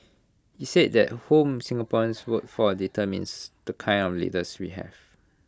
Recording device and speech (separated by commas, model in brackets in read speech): close-talking microphone (WH20), read sentence